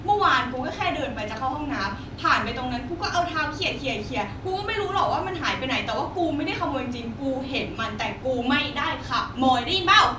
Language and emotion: Thai, angry